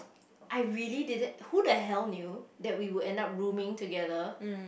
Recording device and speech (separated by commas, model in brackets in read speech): boundary microphone, conversation in the same room